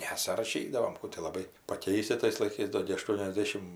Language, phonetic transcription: Lithuanian, nesiraˈšydavom ˈkų ti laˈbai paˈkeisi tais laiˈkais ˈdo gi aˈštuoniasˌdešim

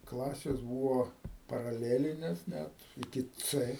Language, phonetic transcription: Lithuanian, ˈklasės ˈbūvo paraˈlelinės ˈnet iˈki ˈcɘ

